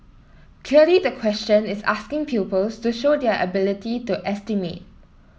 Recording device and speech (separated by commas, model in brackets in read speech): mobile phone (iPhone 7), read sentence